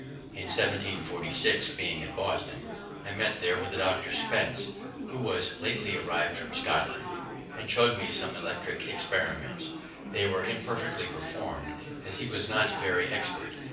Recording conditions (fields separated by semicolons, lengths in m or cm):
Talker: one person; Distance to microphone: 5.8 m; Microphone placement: far; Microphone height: 1.8 m; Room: medium-sized (5.7 m by 4.0 m); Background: babble